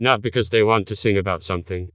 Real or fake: fake